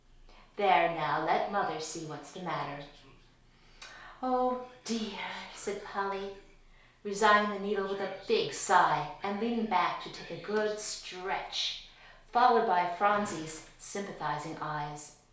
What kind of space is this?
A small room (about 3.7 m by 2.7 m).